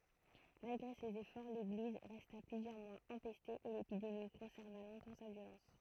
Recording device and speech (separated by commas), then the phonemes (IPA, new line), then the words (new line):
throat microphone, read sentence
malɡʁe sez efɔʁ leɡliz ʁɛsta plyzjœʁ mwaz ɑ̃pɛste e lepidemi kɔ̃sɛʁva lɔ̃tɑ̃ sa vjolɑ̃s
Malgré ses efforts, l'église resta plusieurs mois empestée et l'épidémie conserva longtemps sa violence.